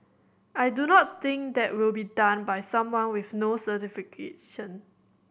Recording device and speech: boundary microphone (BM630), read sentence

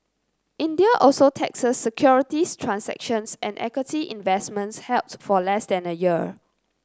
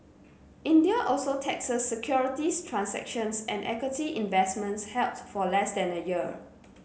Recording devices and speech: close-talking microphone (WH30), mobile phone (Samsung C9), read sentence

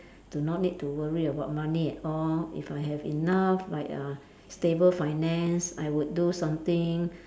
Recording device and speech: standing microphone, conversation in separate rooms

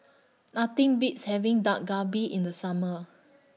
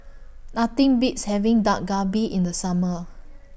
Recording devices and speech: mobile phone (iPhone 6), boundary microphone (BM630), read sentence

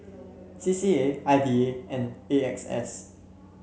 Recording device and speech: mobile phone (Samsung C7), read sentence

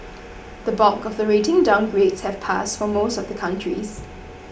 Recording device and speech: boundary microphone (BM630), read sentence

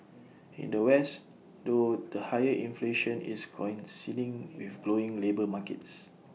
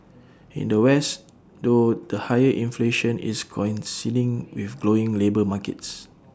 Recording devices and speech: mobile phone (iPhone 6), standing microphone (AKG C214), read sentence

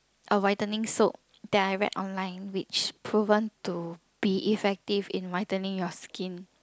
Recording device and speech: close-talking microphone, conversation in the same room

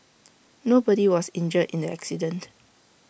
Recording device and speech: boundary microphone (BM630), read sentence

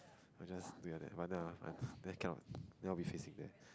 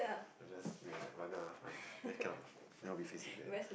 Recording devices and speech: close-talking microphone, boundary microphone, conversation in the same room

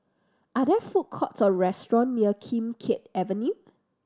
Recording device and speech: standing microphone (AKG C214), read sentence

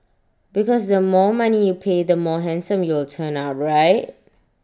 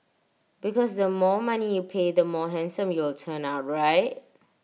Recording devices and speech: standing microphone (AKG C214), mobile phone (iPhone 6), read sentence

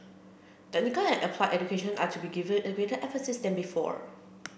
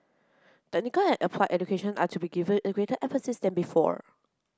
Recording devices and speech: boundary microphone (BM630), close-talking microphone (WH30), read sentence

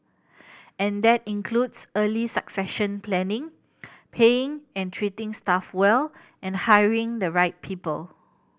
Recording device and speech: boundary microphone (BM630), read sentence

